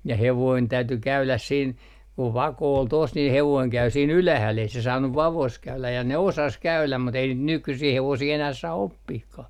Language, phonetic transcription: Finnish, ja 'hevoin 'täyty "käyläs siin , ku "vako ol tos nin 'hevoiŋ 'käy siin "ylähäl ei se 'saannuv "vavos 'käyläj ja ne "osas 'käyläm mut ei niit 'nykysii 'hevosii enäh saa "oppihkah .
- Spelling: ja hevonen täytyi käydä siinä kun vako oli tuossa niin hevonen kävi siinä ylhäällä ei se saanut vaossa käydä ja ne osasi käydä mutta ei niitä nykyisiä hevosia enää saa oppimaankaan

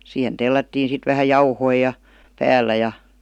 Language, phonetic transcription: Finnish, 'siihen "tellättiin sit vähä "jauhoi ja , 'pääl̀ä ja .
- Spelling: siihen tellättiin sitten vähän jauhoja ja päällä ja

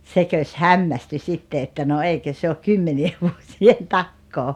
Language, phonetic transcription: Finnish, 'sekös "hammästy 'sitte että » no 'eikö se ok "kymmeni₍ev vuosi₍en "takkoo « .
- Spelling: sekös hämmästyi sitten että no eikö se ole kymmenien vuosien takaa

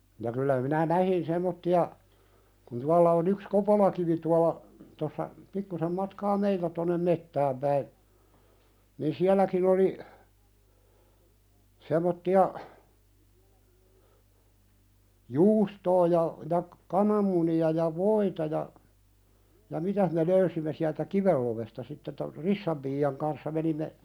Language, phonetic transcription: Finnish, ja 'kyllä minä "nähin 'sem̆motti₍a , kun 'tualla on ‿yks "Kopolakivi tuala , tossa , pikkusem 'matkaa "meiltä tonnem 'mettääm päi , nin 'siäl̆läkin ‿oli , 'sem̆motti₍a , "juustoo ja , ja , "kanammuni₍a ja "voita ja , ja "mitäh me 'löysimme siältä "kivel lovesta sitte tor "Rissam pii₍aŋ kanssa menimme ,.
- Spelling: ja kyllä minä näin semmoisia kun tuolla on yksi Kopolakivi tuolla tuossa pikkusen matkaa meiltä tuonne metsään päin niin sielläkin oli semmoisia juustoa ja ja kananmunia ja voita ja ja mitä me löysimme sieltä kiven lovesta sitten tuo Rissan piian kanssa menimme

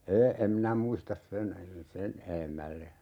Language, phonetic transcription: Finnish, ee , 'em minä "muistas 'sen , "sen 'e₍emälle .
- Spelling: ei en minä muista sen sen edemmälle

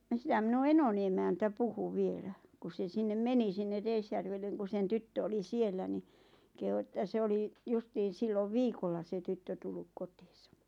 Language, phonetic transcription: Finnish, ja 'sⁱtäm minu "enoni emäntä 'puhu "vielä , ku se 'sinnem "meni sinne "Reisjärvelleŋ ku sen 'tyttö oli "siellä ni , kehu ᵉttä 'se oli , 'justiin̬ "sillov "viikolla se 'tyttö tulluk 'kotiisᴀ .
- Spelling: ja sitä minun enoni emäntä puhui vielä kun se sinne meni sinne Reisjärvelle kun sen tyttö oli siellä niin kehui että se oli justiin silloin viikolla se tyttö tullut kotiinsa

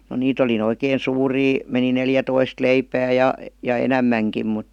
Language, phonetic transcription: Finnish, no 'niit ‿oli (nʸ) 'oikeen 'suurii , meni 'neljä- 'toist 'leipää ja , 'ja "enämmäŋkim mut .
- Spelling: no niitä oli nyt oikein suuria meni - neljätoista leipää ja ja enemmänkin mutta

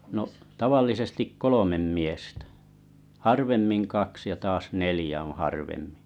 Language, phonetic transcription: Finnish, no’ , 'tavallisestik "kolomem 'miestä , 'harvemmiŋ 'kaks ja taas "nelⁱjä oo̰ 'harvemmɪ .
- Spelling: no tavallisesti kolme miestä harvemmin kaksi ja taas neljä on harvemmin

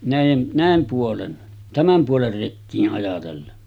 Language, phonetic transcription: Finnish, 'nä̀ijen , 'nä̀em puolen , 'tämäm puoler rekkii’ ’ajatellen .
- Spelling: näiden näin puolen tämän puolen rekiä ajatellen

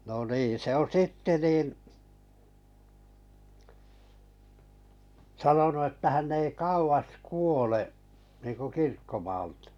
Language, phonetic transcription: Finnish, no 'niin̬ se ‿oo̰ "sitte 'nin , 'sanonu että 'hänn ‿ei "kauvas "kuole’ , niiŋku 'kirkkomaaʟtᴀ .
- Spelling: no niin se on sitten niin sanonut että hän ei kauas kuole niin kuin kirkkomaalta

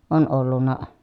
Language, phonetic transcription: Finnish, on ollunna ,.
- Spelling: on ollut

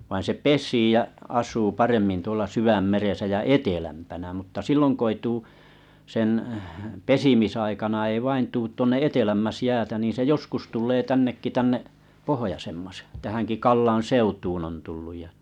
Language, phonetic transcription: Finnish, vain se "pes̀ii jä 'as̀uu 'paremmin tuola 'syvämmeresä jä "etelämpänä mutta 'silloŋ k ‿ei tuu , sen , 'pesimisaikana ei vain'tuut 'tuonne 'etelämmäs 'jäätä niin se 'joskus tuĺlee 'tännekki 'tänne’ , "pohᵒjosemmas , tähäŋki 'Kallaa̰ "seutuun on tulluj ja .
- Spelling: vaan se pesii ja asuu paremmin tuolla sydänmeressä ja etelämpänä mutta silloin kun ei tule sen pesimisaikana ei vain tule tuonne etelämmäksi jäätä niin se joskus tulee tännekin tänne pohjoisemmaksi tähänkin Kallan seutuun on tullut ja

